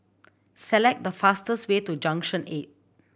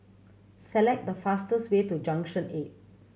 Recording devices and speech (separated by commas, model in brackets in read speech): boundary microphone (BM630), mobile phone (Samsung C7100), read sentence